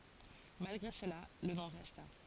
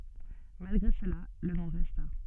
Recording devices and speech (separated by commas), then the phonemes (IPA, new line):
forehead accelerometer, soft in-ear microphone, read sentence
malɡʁe səla lə nɔ̃ ʁɛsta